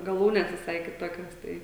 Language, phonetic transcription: Lithuanian, gaˈlūnes viˈsai kiˈtokios ˈtai

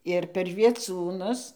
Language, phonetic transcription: Lithuanian, ir per vieˈcūnus

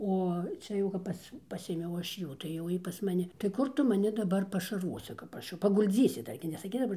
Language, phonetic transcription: Lithuanian, ˈo ˈčia jau kap ˈpas ˈpasėmiau ˈaš ˈjų tai jau ˈjy pas maˈni tai ˈkur ˈtu maˈni daˈbar pašarˈvosi kap ˈaš jau pagulˈdzysi ˈdar gi nesaˈkis daˈbar

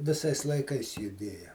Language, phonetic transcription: Lithuanian, viˈsais laiˈkais juˈdėja

